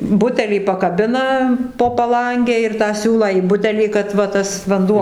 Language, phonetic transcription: Lithuanian, ˈbutelį pakaˈbina po paˈlange ir tą ˈsiūlą į ˈbutelį kad va ˈtas vanˈduo

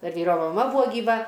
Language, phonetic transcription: Lithuanian, ˈdar ˈvyro maˈma ˈbuvo gyˈva

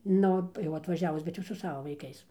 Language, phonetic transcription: Lithuanian, ˈnu jau atvaˈžiavus bet ˈjau su ˈsava vaiˈkais

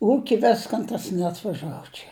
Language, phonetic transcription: Lithuanian, ˈūki ˈviskan ˈtas neatvaˈžavo čia

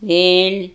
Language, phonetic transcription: Lithuanian, ˈvėl'

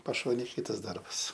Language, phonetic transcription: Lithuanian, paˈšonėj ˈkytas ˈdarbas

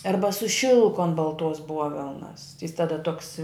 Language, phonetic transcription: Lithuanian, ˈarba su ˈšilku an balˈtuos ˈbuovelnas jis taˈda tuoks

